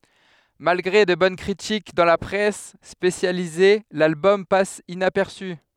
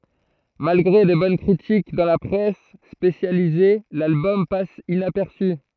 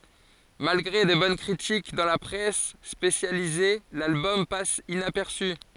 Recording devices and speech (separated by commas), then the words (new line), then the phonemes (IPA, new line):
headset microphone, throat microphone, forehead accelerometer, read sentence
Malgré de bonnes critiques dans la presse spécialisée, l'album passe inaperçu.
malɡʁe də bɔn kʁitik dɑ̃ la pʁɛs spesjalize lalbɔm pas inapɛʁsy